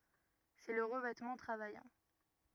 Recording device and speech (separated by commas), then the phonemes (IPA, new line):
rigid in-ear microphone, read sentence
sɛ lə ʁəvɛtmɑ̃ tʁavajɑ̃